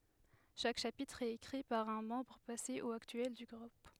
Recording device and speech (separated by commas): headset microphone, read sentence